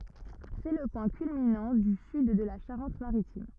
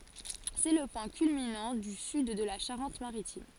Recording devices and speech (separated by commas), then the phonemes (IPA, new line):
rigid in-ear microphone, forehead accelerometer, read sentence
sɛ lə pwɛ̃ kylminɑ̃ dy syd də la ʃaʁɑ̃tmaʁitim